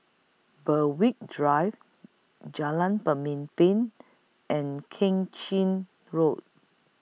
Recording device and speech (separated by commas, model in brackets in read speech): mobile phone (iPhone 6), read sentence